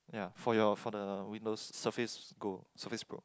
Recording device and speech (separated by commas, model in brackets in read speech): close-talking microphone, conversation in the same room